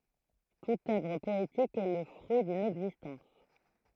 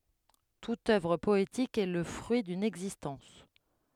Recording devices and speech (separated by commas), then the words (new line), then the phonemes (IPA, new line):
throat microphone, headset microphone, read sentence
Toute œuvre poétique est le fruit d'une existence.
tut œvʁ pɔetik ɛ lə fʁyi dyn ɛɡzistɑ̃s